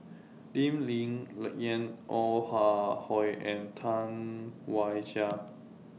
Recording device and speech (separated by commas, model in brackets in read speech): mobile phone (iPhone 6), read sentence